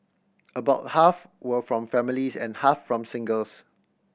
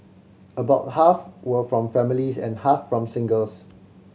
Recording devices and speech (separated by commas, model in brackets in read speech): boundary microphone (BM630), mobile phone (Samsung C7100), read sentence